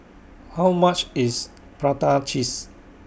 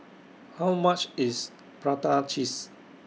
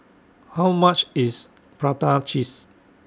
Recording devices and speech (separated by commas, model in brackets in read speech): boundary microphone (BM630), mobile phone (iPhone 6), standing microphone (AKG C214), read sentence